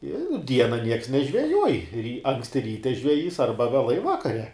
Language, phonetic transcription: Lithuanian, i ˈdiena nieks nežveˈjuoj ry ˈanksti ˈryte žveˈjys ˈarba veˈlai ˈvakare

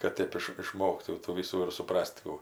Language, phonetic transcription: Lithuanian, kad ˈtėp iš iˈšmoktų tų ˈvysų ir suˈpras't' kų

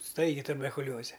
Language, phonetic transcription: Lithuanian, ˈstaigi tuberkuˈlioze

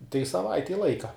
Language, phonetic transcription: Lithuanian, tai saˈvaitei ˈlaika

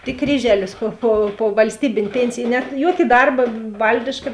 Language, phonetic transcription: Lithuanian, tik ˈkryželis ˈpo po ˈpo valsˈtybėn' ˈpėncij ˈnet ˈjoki ˈdarba ˈvaldiška

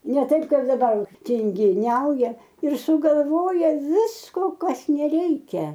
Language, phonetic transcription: Lithuanian, ne ˈtaip ˈkaip daˈbar tingiˈniauja ir sugalˈvoja ˈvisko ˈkas neˈreikia

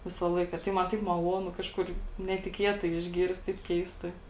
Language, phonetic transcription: Lithuanian, ˈvisa ˈlaika tai man ˈtaip maˈluonu ˈkažkur netiˈkietai išˈgyrst taip ˈkeistai

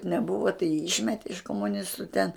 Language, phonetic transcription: Lithuanian, neˈbūva tai jį ˈyšmete iš komuˈnistu ten

